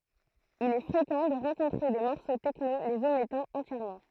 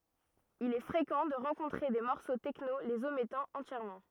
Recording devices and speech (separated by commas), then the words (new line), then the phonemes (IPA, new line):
throat microphone, rigid in-ear microphone, read sentence
Il est fréquent de rencontrer des morceaux techno les omettant entièrement.
il ɛ fʁekɑ̃ də ʁɑ̃kɔ̃tʁe de mɔʁso tɛkno lez omɛtɑ̃ ɑ̃tjɛʁmɑ̃